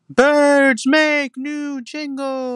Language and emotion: English, happy